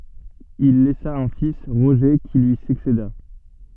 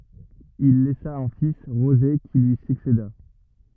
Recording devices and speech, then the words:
soft in-ear microphone, rigid in-ear microphone, read sentence
Il laissa un fils Roger, qui lui succéda.

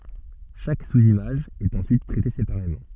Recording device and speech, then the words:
soft in-ear microphone, read sentence
Chaque sous-image est ensuite traitée séparément.

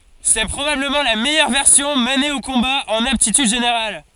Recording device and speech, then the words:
forehead accelerometer, read sentence
C’est probablement la meilleure version menée au combat en aptitudes générales.

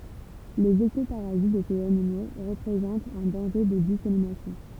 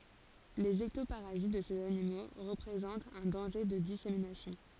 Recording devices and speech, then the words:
temple vibration pickup, forehead accelerometer, read sentence
Les ectoparasites de ces animaux représentent un danger de dissémination.

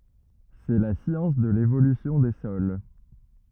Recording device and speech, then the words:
rigid in-ear microphone, read sentence
C'est la science de l'évolution des sols.

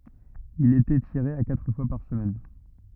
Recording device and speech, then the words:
rigid in-ear microphone, read sentence
Il était tiré à quatre fois par semaine.

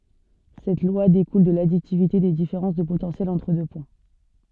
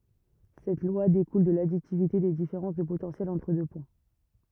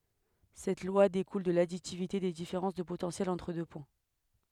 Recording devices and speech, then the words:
soft in-ear microphone, rigid in-ear microphone, headset microphone, read sentence
Cette loi découle de l'additivité des différences de potentiel entre deux points.

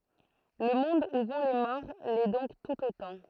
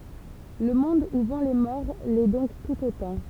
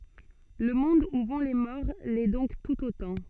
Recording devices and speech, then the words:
throat microphone, temple vibration pickup, soft in-ear microphone, read sentence
Le monde où vont les morts l'est donc tout autant.

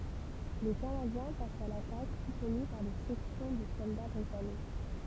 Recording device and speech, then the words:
temple vibration pickup, read sentence
Les Canadiens passent à l'attaque, soutenus par des sections de soldats britanniques.

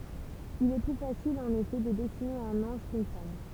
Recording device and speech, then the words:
temple vibration pickup, read sentence
Il est plus facile en effet de dessiner un ange quʼune femme.

